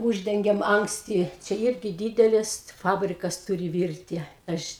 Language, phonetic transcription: Lithuanian, ˈūždengiam anksˈti ˈčia ˈirgi ˈdydelis ˈfabrikas ˈturi ˈvirti ˈaš

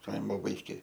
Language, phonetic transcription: Lithuanian, ˈkaimo vaiˈkė

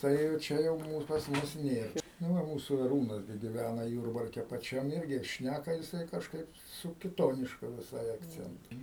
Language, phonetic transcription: Lithuanian, ˈtai jau ˈčia jau ˈmūs pas ˈmus ˈnėr nu ˈva ˈmūsų aˈrūnas gi giˈvæna ˈjūrbarke paˈčiam ˈirgi ˈšnæka jiˈsai kažˈkaip su kiˈtonišku viˈsai akˈcentu

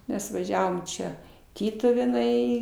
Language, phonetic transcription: Lithuanian, ˈmes vaˈžiavom ˈčia ˈtytuvėnai

